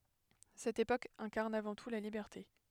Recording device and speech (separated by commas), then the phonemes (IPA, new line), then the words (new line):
headset microphone, read sentence
sɛt epok ɛ̃kaʁn avɑ̃ tu la libɛʁte
Cette époque incarne avant tout la liberté.